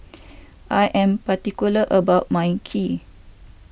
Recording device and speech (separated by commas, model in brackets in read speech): boundary microphone (BM630), read sentence